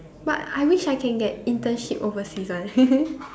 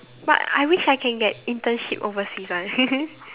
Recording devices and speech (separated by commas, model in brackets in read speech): standing microphone, telephone, conversation in separate rooms